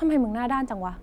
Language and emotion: Thai, frustrated